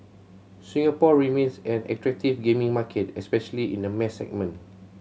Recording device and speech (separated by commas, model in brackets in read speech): mobile phone (Samsung C7100), read sentence